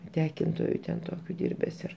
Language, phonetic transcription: Lithuanian, ˈtekintoju ten ˈtokiu ˈdyrbes ir

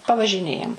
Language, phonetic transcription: Lithuanian, pavažiˈnėjam

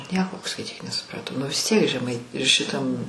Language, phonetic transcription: Lithuanian, ˈnieko skaiˈtyk nesupraˈtau nu vis ˈtiek žeˈmai šiˈtam

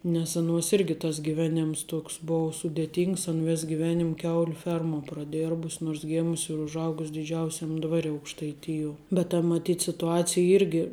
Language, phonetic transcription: Lithuanian, nes aˈnuos ˈirgi tas giˈvenėms ˈtoks ˈbou sudėˈtyngs an ˈvės giˈvenim ˈkiauliu ˈfermuo praˈdėrbus' nors ˈgėmus' ir užˈaugus' diˈdžiausiam ˈdvari aukštaiˈtijuo bet ta maˈtyt situˈacija ˈirgi

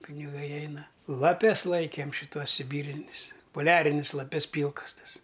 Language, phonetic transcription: Lithuanian, piniˈgai ˈeina laˈpes ˈlaikėm šiˈtuos siˈbyrinis poˈliarinis laˈpes ˈpylkas ˈtas

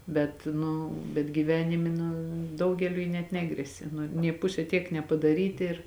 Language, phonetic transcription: Lithuanian, ˈbet ˈnu bet gyˈvenimi nu ˈdaugeliui net ˈnegresia ˈnu nė ˈpuse tiek nepadaˈryti ir

